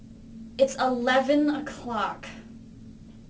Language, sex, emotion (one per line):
English
female
angry